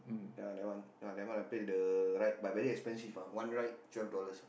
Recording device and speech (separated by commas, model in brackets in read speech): boundary microphone, conversation in the same room